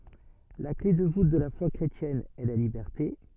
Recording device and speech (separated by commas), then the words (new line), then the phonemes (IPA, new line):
soft in-ear microphone, read sentence
La clef de voûte de la foi chrétienne est la liberté.
la kle də vut də la fwa kʁetjɛn ɛ la libɛʁte